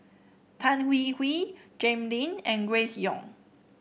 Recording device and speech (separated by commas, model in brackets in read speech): boundary microphone (BM630), read sentence